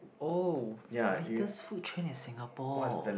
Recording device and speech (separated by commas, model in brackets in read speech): boundary microphone, conversation in the same room